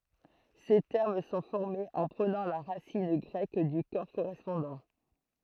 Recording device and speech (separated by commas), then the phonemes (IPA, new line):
throat microphone, read sentence
se tɛʁm sɔ̃ fɔʁmez ɑ̃ pʁənɑ̃ la ʁasin ɡʁɛk dy kɔʁ koʁɛspɔ̃dɑ̃